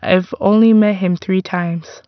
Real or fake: real